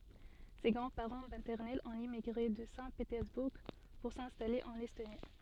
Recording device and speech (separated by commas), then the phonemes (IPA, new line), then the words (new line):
soft in-ear microphone, read sentence
se ɡʁɑ̃dspaʁɑ̃ matɛʁnɛlz ɔ̃t emiɡʁe də sɛ̃tpetɛʁzbuʁ puʁ sɛ̃stale ɑ̃n ɛstoni
Ses grands-parents maternels ont émigré de Saint-Pétersbourg pour s'installer en Estonie.